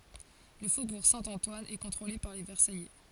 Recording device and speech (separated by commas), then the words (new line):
forehead accelerometer, read sentence
Le faubourg Saint-Antoine est contrôlé par les Versaillais.